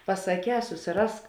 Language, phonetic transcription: Lithuanian, pasaˈkē susiˈrask

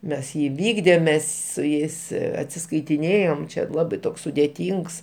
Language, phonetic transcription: Lithuanian, ˈmes ˈjį iˈvykdėm ˈmes su ˈjais atsiskaitiˈnėjom ˈčia ˈlabai ˈtoks sudėˈtyngs

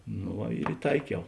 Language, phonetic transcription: Lithuanian, no ˈva ir iˈtaikiau

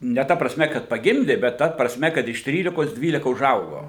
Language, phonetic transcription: Lithuanian, ne ˈta prasˈme kad paˈgimdė bet ˈta prasˈme kad iš ˈtrylikos ˈdvylika uˈžaugo

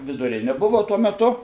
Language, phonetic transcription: Lithuanian, viduˈrini ˈbuvu ˈtuo meˈtu

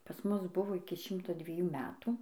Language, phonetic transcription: Lithuanian, pas ˈmus ˈbuvo iki ˈšimto dvieˈjų ˈmetų

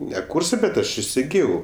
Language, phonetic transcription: Lithuanian, ne ˈkūrsɜ bet ˈaš isiˈgijau

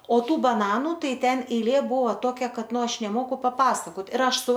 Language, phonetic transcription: Lithuanian, o ˈtų baˈnanu ˈtai ˈten eiˈlė ˈbuvo ˈtokia ˈkad ˈnu ˈaš neˈmoku paˈpasakot ir ˈaš ˈsu

